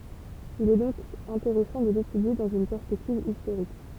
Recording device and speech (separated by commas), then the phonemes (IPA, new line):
temple vibration pickup, read sentence
il ɛ dɔ̃k ɛ̃teʁɛsɑ̃ də letydje dɑ̃z yn pɛʁspɛktiv istoʁik